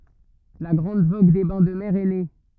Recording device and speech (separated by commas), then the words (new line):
rigid in-ear microphone, read sentence
La grande vogue des bains de mer est née.